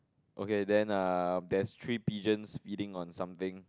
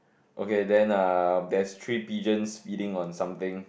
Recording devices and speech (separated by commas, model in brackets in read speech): close-talking microphone, boundary microphone, conversation in the same room